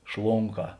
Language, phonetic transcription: Lithuanian, ˈšlonˌkā

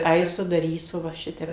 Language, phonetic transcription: Lithuanian, ˈaisu daˈrysu va ˈšitep

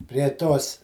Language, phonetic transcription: Lithuanian, prie ˈtos

